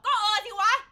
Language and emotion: Thai, angry